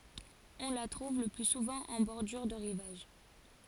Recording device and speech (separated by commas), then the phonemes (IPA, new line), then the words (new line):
forehead accelerometer, read sentence
ɔ̃ la tʁuv lə ply suvɑ̃ ɑ̃ bɔʁdyʁ də ʁivaʒ
On la trouve le plus souvent en bordure de rivage.